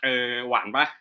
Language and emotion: Thai, neutral